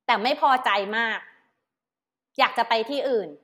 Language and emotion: Thai, frustrated